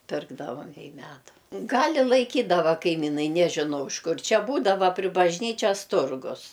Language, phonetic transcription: Lithuanian, ˈpirkdavam i ˈmedu ˈgal' i laiˈkydava kaiˈminai nežiˈnau iš ˈkur ˈčia ˈbūdava pri bažˈnyčias ˈturgus

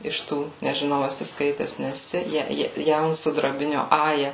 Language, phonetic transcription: Lithuanian, iš ˈtų nežiˈnau eˈsi ˈskaites neˈsi ˈja ˈja ˈjaunsudrabinio ˈaja

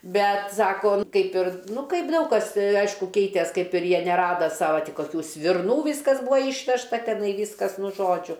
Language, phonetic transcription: Lithuanian, ˈbet ˈsako ˈkaip ir ˈnu ˈkaip ˈdaug kas ˈaišku ˈkeitės ˈkaip ir ˈjie neˈrada sava ˈtį koˈkių svirˈnų ˈvyskas ˈbuo ˈyšvežta teˈnai ˈvyskas ˈnu ˈžodžiu

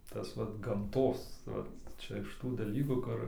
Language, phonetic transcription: Lithuanian, ˈtas ˈvat gamˈtos vat ˈčia iš ˈtų daˈlykų ˈkur

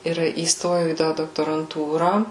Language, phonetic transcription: Lithuanian, ir įsˈtojau į ˈtą doktoranˈtūrą

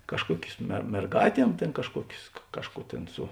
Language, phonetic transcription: Lithuanian, kažˈkuokius me merˈgātiem ˈtėn kažˈkuokius ˈkažˌkų ˈtėn ˈsu

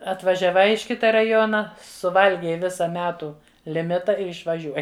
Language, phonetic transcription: Lithuanian, atvažiaˈvai iš ˈkita raˈjona suˈvalgei ˈvisa ˈmetų liˈmita ir išvaˈžiuoji

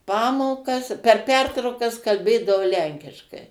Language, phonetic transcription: Lithuanian, ˈpamokas per ˈpertraukas kalˈbėdavo ˈlenkiškai

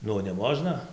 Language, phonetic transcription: Lithuanian, ˈnu neˈmožna

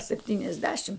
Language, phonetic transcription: Lithuanian, septyniasˈdešim

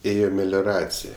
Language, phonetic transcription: Lithuanian, ˈėjo melioˈracij

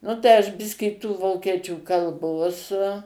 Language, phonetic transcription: Lithuanian, ˈnu tai aš ˈbiskį tų ˈvokiečių kalˈbos

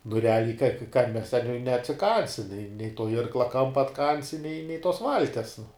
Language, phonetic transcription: Lithuanian, nu reˈaliai kan mes ten ne neatsiˈkansi nei nei to ˈirkla ˈkampa atˈkansi nei nei tos ˈvalties nu

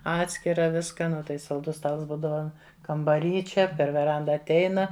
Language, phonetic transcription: Lithuanian, ˈatskira ˈviska ˈnu tai salˈdus ˈstals ˈbūdava kambaˈry ˈčia per veˈranda atˈeina

